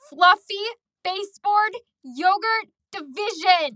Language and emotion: English, angry